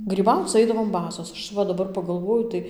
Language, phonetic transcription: Lithuanian, gryˈbauc ˈaidavom ˈbasos ˈaš ˈva daˈbar paˈgalvoju tai

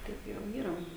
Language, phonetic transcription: Lithuanian, ˈtaip jau ˈyra

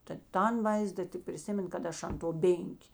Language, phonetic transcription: Lithuanian, ta ˈtan ˈvaizda tik priˈsimen kad ˈaš an to ˈbėnkė

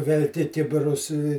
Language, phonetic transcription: Lithuanian, velˈki ˈkibirus i

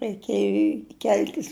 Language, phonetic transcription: Lithuanian, raiˈkėju i ˈkel'tis

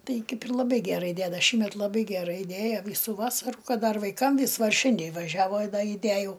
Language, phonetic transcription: Lithuanian, ˈtai ˈkaip ir laˈbai gæˈrai ˈdæda ˈšįmet laˈbai geˈrai ˈdėja ˈvysu ˈvasaru ˈkad ˈdar vaiˈkam ˈvis ˈva ˈšindė vaˈžiavo i ˈda iˈdæjau

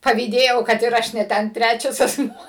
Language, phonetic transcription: Lithuanian, pavyˈdėjau kad ir ˈaš ne ˈten ˈtræčias asˈmuo

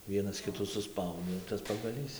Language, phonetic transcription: Lithuanian, ˈvienas ˈkitų suˈspaudė tas pagaˈlys

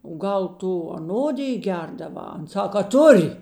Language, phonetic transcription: Lithuanian, o ˈgal ˈtu aˈnodij ˈgerdaˌvā ˈan ˈsak a ˈtur'

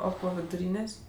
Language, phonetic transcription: Lithuanian, ˈo ˈpo viduˈrynės'

